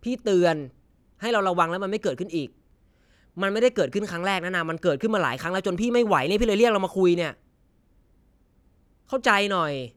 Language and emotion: Thai, angry